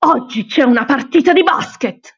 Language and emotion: Italian, angry